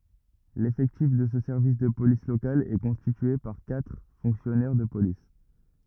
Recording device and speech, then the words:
rigid in-ear microphone, read sentence
L'effectif de ce service de police local est constitué par quatre fonctionnaires de police.

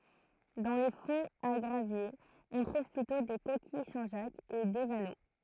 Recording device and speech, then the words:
throat microphone, read sentence
Dans les fonds à graviers, on trouve plutôt des coquilles Saint-Jacques et des vanneaux.

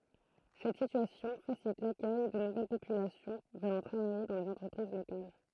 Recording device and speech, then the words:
throat microphone, read sentence
Cette situation facilite l’accueil de nouvelle population venant travailler dans les entreprises locales.

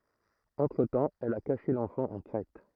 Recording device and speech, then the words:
throat microphone, read sentence
Entre-temps, elle a caché l'enfant en Crète.

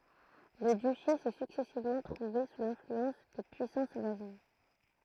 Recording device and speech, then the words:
throat microphone, read sentence
Le duché s'est successivement trouvé sous l'influence de puissances voisines.

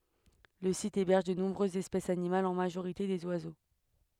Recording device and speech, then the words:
headset microphone, read sentence
Le site héberge de nombreuses espèces animales, en majorité des oiseaux.

